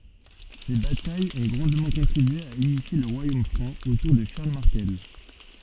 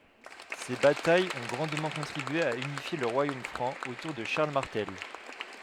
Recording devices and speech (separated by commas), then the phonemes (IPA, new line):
soft in-ear microphone, headset microphone, read sentence
se batajz ɔ̃ ɡʁɑ̃dmɑ̃ kɔ̃tʁibye a ynifje lə ʁwajom fʁɑ̃ otuʁ də ʃaʁl maʁtɛl